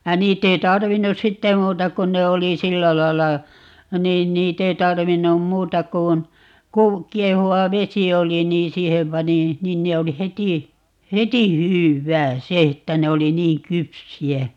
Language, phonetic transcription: Finnish, ja 'niitt ‿ei "tarvinnus 'sitte 'muuta 'kun ne 'oli "sillä lai̮lla , 'niin 'niit ‿ei 'tarvinnum "muuta kun , 'kuu- , 'kiehuwa "vesi 'oli niin "siihem 'pani , 'nin ne 'oli "heti , "heti "hyw"wää "se että 'ne oli "niiŋ "kypsi₍ä .
- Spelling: ja niitä ei tarvinnut sitten muuta kuin ne oli sillä lailla niin niitä ei tarvinnut muuta kuin - kiehuva vesi oli niin siihen pani niin ne oli heti heti hyvää se että ne oli niin kypsiä

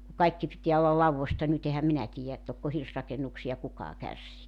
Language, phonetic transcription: Finnish, ku 'kaikki pitiä olla "lauvvosta 'nyt ‿ehäm 'minä tiijä et 'tokko 'hirsrakennuksi₍a 'kukaa 'kärsii .
- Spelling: kun kaikki pitää olla laudoista nyt enhän minä tiedä että tokko hirsirakennuksia kukaan kärsii

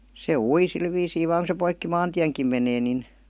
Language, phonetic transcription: Finnish, se "ui 'sil viisii vaaŋ ku se poikki "maantiäŋkim menee nin ,.
- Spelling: se ui sillä viisiin vain kun se poikki maantienkin menee niin

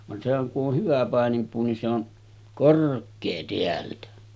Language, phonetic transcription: Finnish, van sehäŋ ku’ ’oh 'hyvä 'pàenimpuu ni se on , "kork̆kee 'teältä .
- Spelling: vaan sehän kun on hyvä paininpuu niin se on korkea täältä

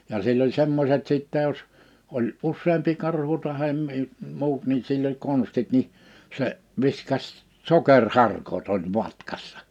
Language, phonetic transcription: Finnish, ja 'sill ‿oĺ "semmoset 'sìttɛ jos , 'oĺ "’usseempi 'karhu tahem mi- , 'mu̬ut ni sill ‿oĺ 'konstit ni , 'se , 'viskaś , "soker"harkot ‿oĺ 'matkassᴀ .
- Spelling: ja sillä oli semmoiset sitten jos oli useampi karhu tai - muut niin sillä oli konstit niin se viskasi sokeriharkot oli matkassa

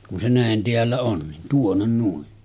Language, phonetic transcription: Finnish, kun se 'nä̀en teällä on nin 'tuonnen nuin .
- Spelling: kun se näin täällä on niin tuonne noin

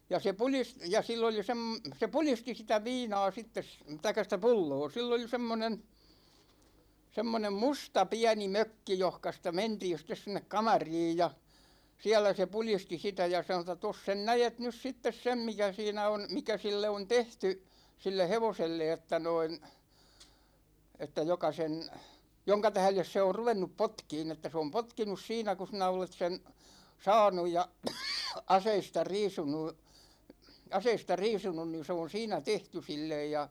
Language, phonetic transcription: Finnish, 'ja se 'pulis- , ja 'sill ‿oli 'sem- , 'se "pulisti sitä 'viina̭a̭ sittes , 'taik̆ka sⁱtä "pulloo , 'sill ‿oli 'semmonen , 'semmonem "musta "piäni 'mökki johka sitä 'mentiin̬ sit̆tes sin̆nek "kamariij ja , 'siäl̆lä se "pulisti 'sitä ja sanŏ ‿t̆ta » 'tos sen "näjet nys 'sittes "sem mikä 'siinä on , 'mikä 'sille on "tehty , 'sille "hevoselle että noin , että 'joka sen , 'joŋka 'tähles se or "ruvennup 'potkiin että se om "potkinus 'siinä ku sinä 'olet sen , 'saanuj ja , "aseista "riisunu , 'aseista "riisunun ni se on̬ 'siinä "tehty 'sillej « ja ,.
- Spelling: ja se - ja sillä oli - se pudisti sitä viinaa sitten tai sitä pulloa sillä oli semmoinen semmoinen musta pieni mökki johonka sitä mentiin sitten sinne kamariin ja siellä se pudisti sitä ja sanoi että tuossa sen näet nyt sitten sen mikä siinä on mikä sille on tehty sille hevoselle että noin että joka sen jonka tähden se on ruvennut potkimaan että se on potkinut siinä kun sinä olet sen saanut ja aseista riisunut aseista riisunut niin se on siinä tehty sille ja

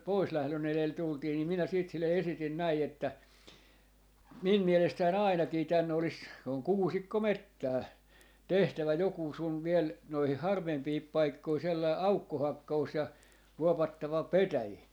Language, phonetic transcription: Finnish, 'poislählö'n ‿elel 'tultii ni minä siit sille "esitin 'näi että , » "min 'mielestäi"n ‿ài̮nakii 'tän olis » , se oŋ "kuusikkomettää , » "tehtävä 'jokuu sun viel , noihih "harvempii 'paikkoi sellai "aukko'hakka₍us ja , 'vuovattava "petäjii » .
- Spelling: poislähdön elellä tultiin niin minä sitten sille esitin näin että minun mielestäni ainakin tänne olisi se on kuusikkometsää tehtävä joku sinun vielä noihin harvempiin paikkoihin sellainen aukkohakkaus ja vuovattava petäjiä

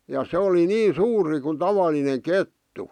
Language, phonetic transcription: Finnish, ja 'se oli "nii 'suuri ku 'tavalineŋ 'kettu .
- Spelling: ja se oli niin suuri kuin tavallinen kettu

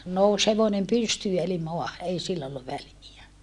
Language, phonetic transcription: Finnish, nous hevonem pystyy eli moaha , ei sill ‿olluv väliä .
- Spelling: nousi hevonen pystyyn eli maahan ei sillä ollut väliä

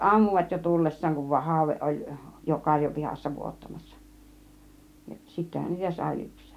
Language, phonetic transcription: Finnish, 'ammuvat jo 'tulles̀saaŋ kun va 'hàuveˀ ˀoĺ , jo 'kaŕjopihassa 'vuottamassa , 'sittähän niitä sài 'lyps̆(seek) .
- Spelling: ammuivat jo tullessaan kun vain haude oli jo karjopihassa vuottamassa sittenhän niitä sai lypsää

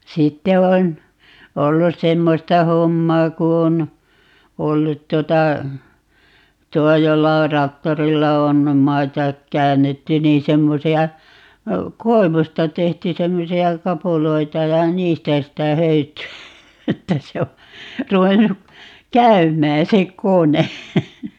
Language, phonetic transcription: Finnish, 'sitte on , 'ollus "semmosta 'hommaa 'ku on , 'ollut 'tuota , 'tuo 'jolla or "raktorilla on , "maita , 'käännetty 'niin 'semmosi₍a , "koevusta 'tehty 'semmosi₍a "kapuloita ja "niistä 'sitä 'höyty₍ä , 'että se o , 'ruvennu , "käym̀ää se "kone .
- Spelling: sitten on ollut semmoista hommaa kun on ollut tuota tuo jolla on traktorilla on maita käännetty niin semmoisia koivusta tehty semmoisia kapuloita ja niistä sitä höytyä että se on ruvennut käymään se kone

